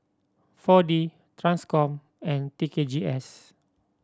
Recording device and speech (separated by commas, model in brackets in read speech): standing microphone (AKG C214), read sentence